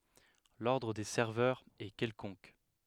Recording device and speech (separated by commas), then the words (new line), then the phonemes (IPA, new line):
headset microphone, read sentence
L'ordre des serveurs est quelconque.
lɔʁdʁ de sɛʁvœʁz ɛ kɛlkɔ̃k